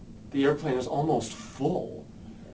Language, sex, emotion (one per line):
English
male
neutral